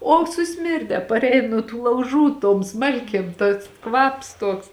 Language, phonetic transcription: Lithuanian, o suˈsmirde parˈein nuo tų lauˈžų tom ˈsmalkėm tas ˈkvaps ˈtoks

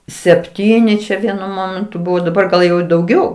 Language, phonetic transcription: Lithuanian, sepˈtyni čia ˈvienu ˈmomentu ˈbuvo daˈbar gal ˈjau i dauˈgiau

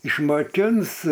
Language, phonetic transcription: Lithuanian, išmaˈkins

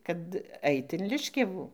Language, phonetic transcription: Lithuanian, ˈkad ˈait in ˈliškiavų

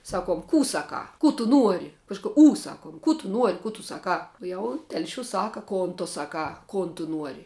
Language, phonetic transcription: Lithuanian, ˈsaˌkuom ˈkų ˈsaˌkā ˈkų tu ˈnuori ˈkažku ū ˈsakuom ˈkų tu ˈnuori ˈkų tu ˈsaˌkā ˈjau ˈtelšiūs ˈsaka ˈkon tu ˈsaˌkā ˈkon tu ˈnuori

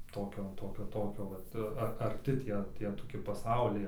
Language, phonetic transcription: Lithuanian, ˈtokio ˈtokio ˈtokio ˈvat ar aˈrti ˈtie ˈtie toˈki paˈsauliai

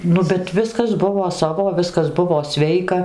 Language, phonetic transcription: Lithuanian, ˈnu bet ˈviskas ˈbuvo ˈsavo ˈviskas ˈbuvo ˈsveika

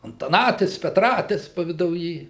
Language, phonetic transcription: Lithuanian, antaˈnatis petˈratis pavidauˈjy

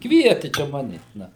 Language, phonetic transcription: Lithuanian, ˈkvieti čia ˈmane ˈna

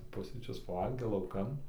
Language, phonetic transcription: Lithuanian, ˈpusryčius paˈvalgė lauˈkan

